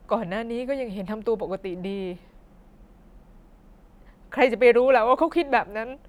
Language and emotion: Thai, sad